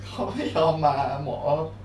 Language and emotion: Thai, sad